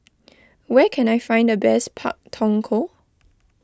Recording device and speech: close-talking microphone (WH20), read sentence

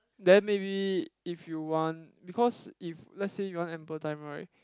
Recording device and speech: close-talking microphone, conversation in the same room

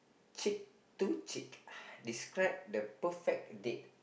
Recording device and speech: boundary microphone, conversation in the same room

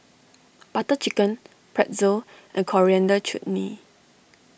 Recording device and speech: boundary microphone (BM630), read sentence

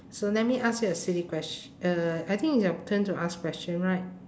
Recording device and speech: standing microphone, conversation in separate rooms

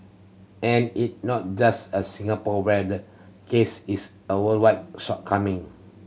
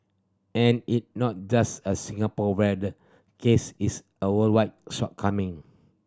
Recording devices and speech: mobile phone (Samsung C7100), standing microphone (AKG C214), read sentence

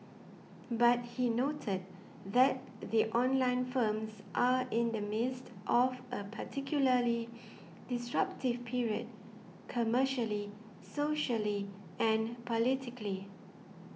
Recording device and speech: mobile phone (iPhone 6), read sentence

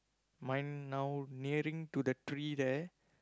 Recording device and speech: close-talking microphone, conversation in the same room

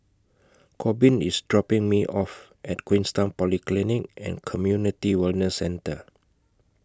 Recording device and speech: close-talking microphone (WH20), read sentence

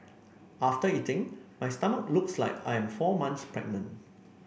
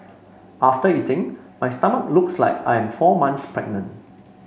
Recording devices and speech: boundary microphone (BM630), mobile phone (Samsung C5), read sentence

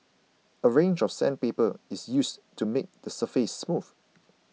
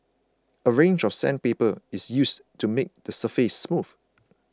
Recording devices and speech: mobile phone (iPhone 6), close-talking microphone (WH20), read sentence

